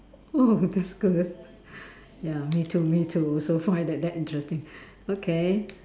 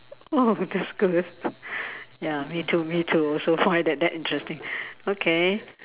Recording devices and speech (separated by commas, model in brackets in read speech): standing microphone, telephone, conversation in separate rooms